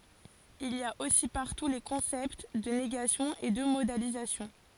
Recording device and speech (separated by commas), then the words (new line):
forehead accelerometer, read sentence
Il y a aussi partout les concepts de négation et de modalisation.